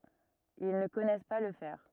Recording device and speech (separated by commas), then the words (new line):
rigid in-ear microphone, read sentence
Ils ne connaissent pas le fer.